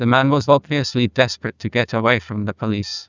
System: TTS, neural waveform model